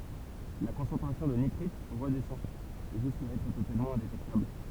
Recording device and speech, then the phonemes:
temple vibration pickup, read sentence
la kɔ̃sɑ̃tʁasjɔ̃ də nitʁit ʁədɛsɑ̃ ʒyska ɛtʁ totalmɑ̃ ɛ̃detɛktabl

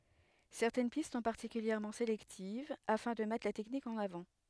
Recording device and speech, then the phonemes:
headset microphone, read sentence
sɛʁtɛn pist sɔ̃ paʁtikyljɛʁmɑ̃ selɛktiv afɛ̃ də mɛtʁ la tɛknik ɑ̃n avɑ̃

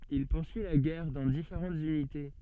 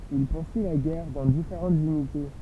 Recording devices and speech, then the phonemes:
soft in-ear microphone, temple vibration pickup, read sentence
il puʁsyi la ɡɛʁ dɑ̃ difeʁɑ̃tz ynite

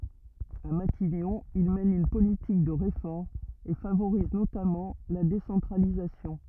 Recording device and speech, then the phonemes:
rigid in-ear microphone, read sentence
a matiɲɔ̃ il mɛn yn politik də ʁefɔʁmz e favoʁiz notamɑ̃ la desɑ̃tʁalizasjɔ̃

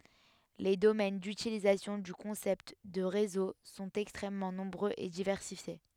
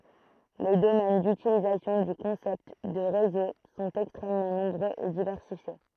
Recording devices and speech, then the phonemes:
headset microphone, throat microphone, read sentence
le domɛn dytilizasjɔ̃ dy kɔ̃sɛpt də ʁezo sɔ̃t ɛkstʁɛmmɑ̃ nɔ̃bʁøz e divɛʁsifje

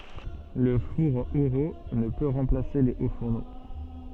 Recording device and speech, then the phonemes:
soft in-ear microphone, read sentence
lə fuʁ eʁult nə pø ʁɑ̃plase le o fuʁno

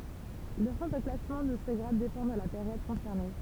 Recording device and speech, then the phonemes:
temple vibration pickup, read sentence
lə ʁɑ̃ də klasmɑ̃ də sə ɡʁad depɑ̃ də la peʁjɔd kɔ̃sɛʁne

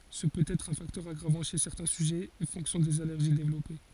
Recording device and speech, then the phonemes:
forehead accelerometer, read sentence
sə pøt ɛtʁ œ̃ faktœʁ aɡʁavɑ̃ ʃe sɛʁtɛ̃ syʒɛz e fɔ̃ksjɔ̃ dez alɛʁʒi devlɔpe

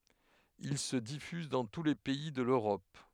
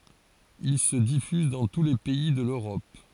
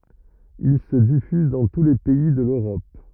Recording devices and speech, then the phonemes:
headset microphone, forehead accelerometer, rigid in-ear microphone, read sentence
il sə difyz dɑ̃ tu le pɛi də løʁɔp

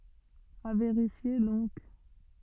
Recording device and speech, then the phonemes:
soft in-ear microphone, read sentence
a veʁifje dɔ̃k

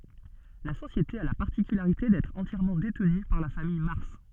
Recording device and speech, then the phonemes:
soft in-ear microphone, read sentence
la sosjete a la paʁtikylaʁite dɛtʁ ɑ̃tjɛʁmɑ̃ detny paʁ la famij maʁs

